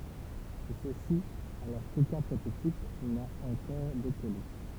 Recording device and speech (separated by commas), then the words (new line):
temple vibration pickup, read sentence
Tout ceci alors qu'aucun prototype n'a encore décollé.